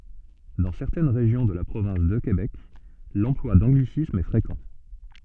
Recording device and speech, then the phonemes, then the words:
soft in-ear microphone, read sentence
dɑ̃ sɛʁtɛn ʁeʒjɔ̃ də la pʁovɛ̃s də kebɛk lɑ̃plwa dɑ̃ɡlisismz ɛ fʁekɑ̃
Dans certaines régions de la province de Québec, l'emploi d'anglicismes est fréquent.

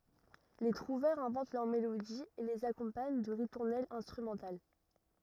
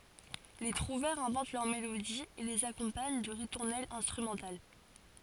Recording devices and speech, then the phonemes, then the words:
rigid in-ear microphone, forehead accelerometer, read sentence
le tʁuvɛʁz ɛ̃vɑ̃t lœʁ melodiz e lez akɔ̃paɲ də ʁituʁnɛlz ɛ̃stʁymɑ̃tal
Les trouvères inventent leurs mélodies et les accompagnent de ritournelles instrumentales.

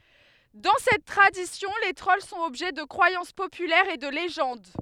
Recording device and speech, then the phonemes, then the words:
headset microphone, read sentence
dɑ̃ sɛt tʁadisjɔ̃ le tʁɔl sɔ̃t ɔbʒɛ də kʁwajɑ̃s popylɛʁz e də leʒɑ̃d
Dans cette tradition, les trolls sont objets de croyances populaires et de légendes.

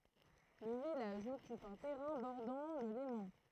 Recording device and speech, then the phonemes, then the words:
throat microphone, read sentence
lə vilaʒ ɔkyp œ̃ tɛʁɛ̃ bɔʁdɑ̃ lə lemɑ̃
Le village occupe un terrain bordant le Léman.

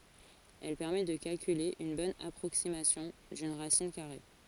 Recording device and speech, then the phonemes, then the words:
forehead accelerometer, read sentence
ɛl pɛʁmɛ də kalkyle yn bɔn apʁoksimasjɔ̃ dyn ʁasin kaʁe
Elle permet de calculer une bonne approximation d'une racine carrée.

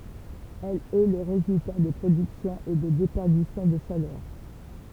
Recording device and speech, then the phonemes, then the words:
temple vibration pickup, read sentence
ɛl ɛ lə ʁezylta də pʁodyksjɔ̃z e də depɛʁdisjɔ̃ də ʃalœʁ
Elle est le résultat de productions et de déperditions de chaleur.

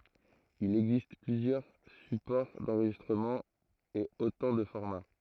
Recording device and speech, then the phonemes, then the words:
throat microphone, read sentence
il ɛɡzist plyzjœʁ sypɔʁ dɑ̃ʁʒistʁəmɑ̃ e otɑ̃ də fɔʁma
Il existe plusieurs supports d'enregistrement et autant de formats.

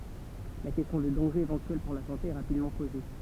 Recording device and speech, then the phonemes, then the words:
temple vibration pickup, read sentence
la kɛstjɔ̃ də dɑ̃ʒez evɑ̃tyɛl puʁ la sɑ̃te ɛ ʁapidmɑ̃ poze
La question de dangers éventuels pour la santé est rapidement posée.

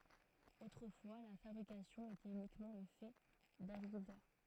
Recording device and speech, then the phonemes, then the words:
throat microphone, read sentence
otʁəfwa la fabʁikasjɔ̃ etɛt ynikmɑ̃ lə fɛ daɡʁikyltœʁ
Autrefois, la fabrication était uniquement le fait d'agriculteurs.

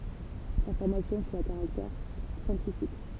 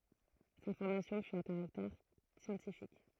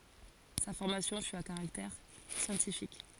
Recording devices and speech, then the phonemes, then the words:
temple vibration pickup, throat microphone, forehead accelerometer, read sentence
sa fɔʁmasjɔ̃ fy a kaʁaktɛʁ sjɑ̃tifik
Sa formation fut à caractère scientifique.

